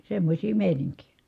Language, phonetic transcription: Finnish, semmośii mèiniŋkijÄ .
- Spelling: semmoisia meininkejä

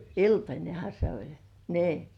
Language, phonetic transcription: Finnish, iltańeha se ‿oĺ , 'nii .
- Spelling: iltanenhan se oli niin

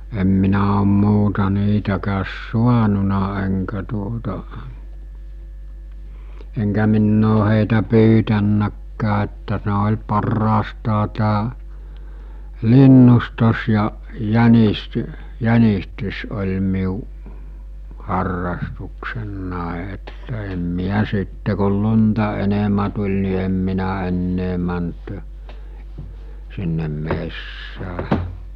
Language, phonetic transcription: Finnish, em minä om 'muuta 'niitäkääs "suanuna eŋkä tuota , eŋkä minn ‿oo hèitä 'pyytännäkkää että ne oĺ parraastaa tää , 'linnustos ja , 'jänist- , 'jänistys oĺ miu , 'harrastuksennàe että em 'miä sitte kol 'lunta 'enemä tuĺ ni em minä ennee mänt , sinnem 'messää .
- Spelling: en minä ole muuta niitäkään saanut enkä tuota enkä minä ole heitä pyytänytkään että ne oli parhaastaan tämä linnustaminen ja - jänistys oli minun harrastukseni että en minä sitten kun lunta enemmän tuli niin en minä enää mennyt sinne metsään

